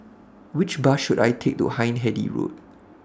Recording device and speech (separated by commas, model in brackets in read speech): standing microphone (AKG C214), read sentence